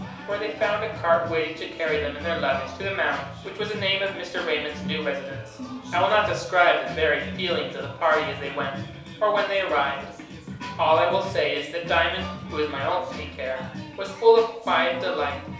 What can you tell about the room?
A small room (about 3.7 m by 2.7 m).